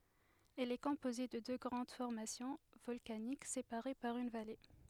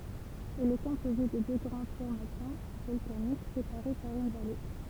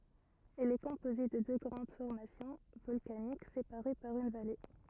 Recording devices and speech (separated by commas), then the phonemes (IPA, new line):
headset microphone, temple vibration pickup, rigid in-ear microphone, read sentence
ɛl ɛ kɔ̃poze də dø ɡʁɑ̃d fɔʁmasjɔ̃ vɔlkanik sepaʁe paʁ yn vale